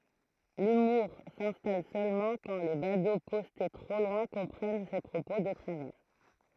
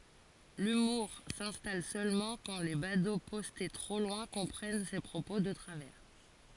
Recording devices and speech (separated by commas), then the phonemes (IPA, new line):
throat microphone, forehead accelerometer, read sentence
lymuʁ sɛ̃stal sølmɑ̃ kɑ̃ le bado pɔste tʁo lwɛ̃ kɔ̃pʁɛn se pʁopo də tʁavɛʁ